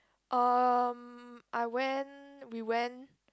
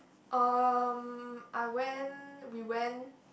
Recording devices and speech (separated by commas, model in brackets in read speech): close-talking microphone, boundary microphone, conversation in the same room